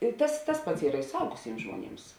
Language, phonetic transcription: Lithuanian, i ˈtas tas ˈpats ˈyra i suˈaugusims žmuoˈnims

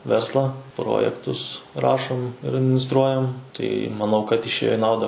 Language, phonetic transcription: Lithuanian, ˈverslą ˈprojektus ˈrašom ir adminisˈtruojam tai maˈnau kad išˈėjo i ˈnauda

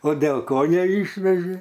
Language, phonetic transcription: Lithuanian, o dėl ˈko neˈyšvežė

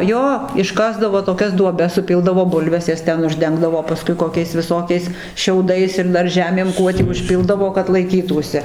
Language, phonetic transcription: Lithuanian, ˈjo išˈkasdavo toˈkias duoˈbes suˈpildavo ˈbulves ˈjas ˈten užˈdengdavo paˈskui koˈkiais viˈsokiais ˈšiaudais ir ˈdar ˈžemėm ˈkuo tį užˈpildavo kad laiˈkytųsi

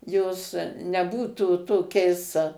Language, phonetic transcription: Lithuanian, jos neˈbūtų toˈkiais

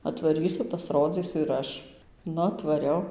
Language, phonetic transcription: Lithuanian, atvaˈrysu pasˈrodzysiu ir ˈaš ˈnu atvaˈriau

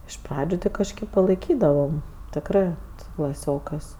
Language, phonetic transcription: Lithuanian, iš ˈpradžiu ti kažˈkėp palaiˈkydavam tikˈrɜ su klaˈsiokɜs

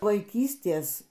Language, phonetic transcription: Lithuanian, vaiˈkystės

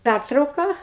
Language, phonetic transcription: Lithuanian, ˈpærtrauka

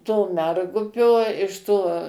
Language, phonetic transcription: Lithuanian, to ˈmergupio iš ˈto

